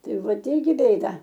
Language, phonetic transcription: Lithuanian, ˈtai ˈvat ˈirgi ˈbėda

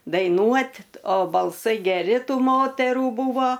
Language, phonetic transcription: Lithuanian, daiˈnuot' o balˈsai geˈri ˈtų ˈmoterų ˈbūvo

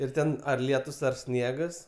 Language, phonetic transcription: Lithuanian, ir ˈten ar ˈlietus ar ˈsniegas

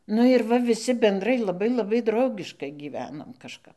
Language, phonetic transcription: Lithuanian, ˈnu ir ˈva viˈsi benˈdrai laˈbai laˈbai ˈdraugiškai gyˈvenom kažˈkap

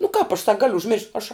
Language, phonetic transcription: Lithuanian, nu kāp aš sak ˈgaliu užˈmiršt ˈaš

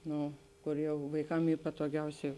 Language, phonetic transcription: Lithuanian, ˈno ˈkor ˈjau vaiˈkam ˈy patoˈgiausiai

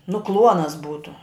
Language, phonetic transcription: Lithuanian, nu ˈkluonas ˈbūtu

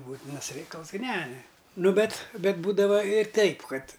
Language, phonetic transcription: Lithuanian, ˈbūtinas ˈreikals g ˈne ˈnu ˈbet ˈbet ˈbūdava ir ˈteip ˈkad

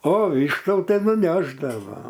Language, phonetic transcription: Lithuanian, o ˈvyštų ˈtai nuˈnešdavo

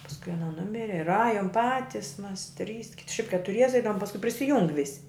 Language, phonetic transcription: Lithuanian, pasˈkui aˈna ˈnumiri ir ˈajom ˈpatis ˈmas ˈtrys kit ˈšiaip ketuˈriese ˈeidavum pasˈkui prisiˈjung ˈvisi

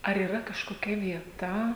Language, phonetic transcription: Lithuanian, ar yˈra kažkoˈkia vieˈta

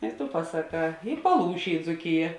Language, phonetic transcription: Lithuanian, i tu pasaˈkā i paˈlūšė i dzūˈkija

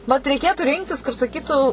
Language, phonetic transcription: Lithuanian, vat reiˈkėtu ˈrinktis kur saˈkytų

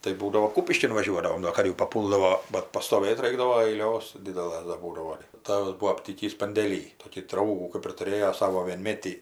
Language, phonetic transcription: Lithuanian, tai ˈbūdavo ˈkūpiškin vaˈžiuodavom do ˈar jau paˈpūldavo ˈbat pastoˈvɘt ˈraikdavo aiˈlios ˈdidelɘs dar ˈbūdavo ˈtavas ˈbuo apˈtykįs pandėˈly ˈtokį ˈdraugų kɜp ir tuˈrėjo ˈsavo vienˈmėtį

